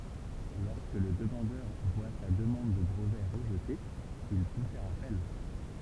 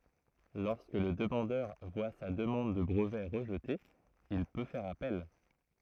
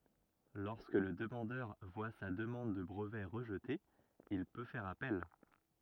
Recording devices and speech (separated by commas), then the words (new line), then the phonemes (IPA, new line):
temple vibration pickup, throat microphone, rigid in-ear microphone, read sentence
Lorsque le demandeur voit sa demande de brevet rejetée, il peut faire appel.
lɔʁskə lə dəmɑ̃dœʁ vwa sa dəmɑ̃d də bʁəvɛ ʁəʒte il pø fɛʁ apɛl